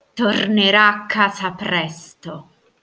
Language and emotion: Italian, angry